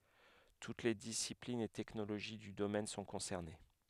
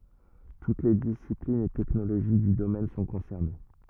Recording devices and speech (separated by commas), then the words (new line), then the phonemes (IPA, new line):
headset microphone, rigid in-ear microphone, read sentence
Toutes les disciplines et technologies du domaine sont concernées.
tut le disiplinz e tɛknoloʒi dy domɛn sɔ̃ kɔ̃sɛʁne